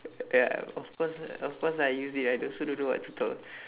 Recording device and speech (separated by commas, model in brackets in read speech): telephone, conversation in separate rooms